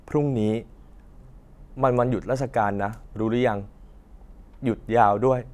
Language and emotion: Thai, neutral